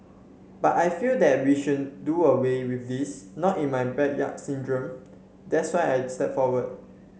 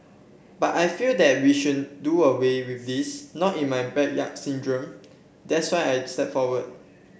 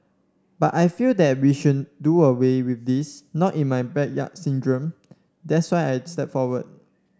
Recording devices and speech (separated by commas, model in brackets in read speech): mobile phone (Samsung C7), boundary microphone (BM630), standing microphone (AKG C214), read sentence